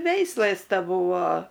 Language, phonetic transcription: Lithuanian, ˈveislɘs teˈbūvo

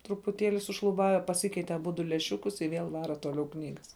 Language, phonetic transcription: Lithuanian, trupuˈtėli sušluˈbave paˈsikeite aˈbudu lęˈšiukus i ˈvėl ˈvara toˈliau ˈknygas

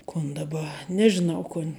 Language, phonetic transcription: Lithuanian, kun daˈba nežiˈnau ˈkun'

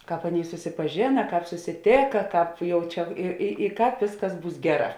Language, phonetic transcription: Lithuanian, ˈkāp ˈaˌnėi susipaˈžėna ˈkāp susiˈtėka ˈkāp ˈjau ˈčia i i i ˈkāp ˈvėsˌkas ˈbūs ˈgeˌrā

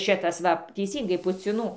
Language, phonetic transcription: Lithuanian, ˈšitas ˈva teiˈsyngai puciˈnų

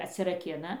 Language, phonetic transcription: Lithuanian, atsiraˈkina

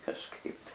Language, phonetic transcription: Lithuanian, kažˈkaip tai

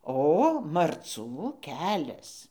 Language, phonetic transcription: Lithuanian, ˈo marˈcų ˈkelias

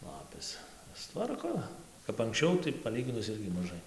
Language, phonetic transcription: Lithuanian, ˈlapės suˈtvarko kap anksˈčiau tai paˈlyginus ˈirgi maˈžai

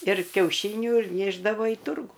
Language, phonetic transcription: Lithuanian, ir kiauˈšyniu ir ˈnėšdavo į ˈturgų

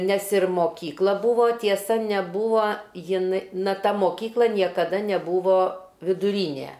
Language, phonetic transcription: Lithuanian, nes ir moˈkykla ˈbūvo tieˈsa neˈbūvo jiˈn na ˈta moˈkykla niekaˈda neˈbūvo viduˈrynė

